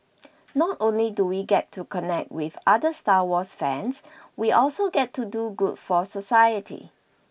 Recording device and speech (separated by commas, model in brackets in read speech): boundary microphone (BM630), read sentence